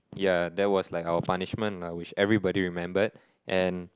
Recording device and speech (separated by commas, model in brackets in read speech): close-talking microphone, conversation in the same room